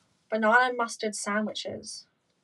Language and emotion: English, disgusted